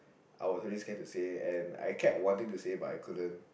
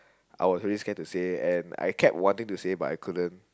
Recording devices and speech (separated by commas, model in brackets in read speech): boundary microphone, close-talking microphone, conversation in the same room